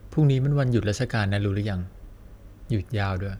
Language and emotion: Thai, neutral